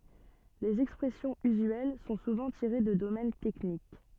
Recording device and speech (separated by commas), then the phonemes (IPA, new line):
soft in-ear microphone, read sentence
lez ɛkspʁɛsjɔ̃z yzyɛl sɔ̃ suvɑ̃ tiʁe də domɛn tɛknik